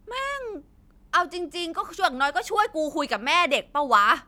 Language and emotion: Thai, frustrated